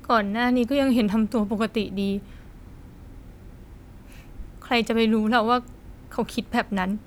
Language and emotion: Thai, sad